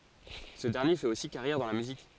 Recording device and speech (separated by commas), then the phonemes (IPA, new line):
forehead accelerometer, read sentence
sə dɛʁnje fɛt osi kaʁjɛʁ dɑ̃ la myzik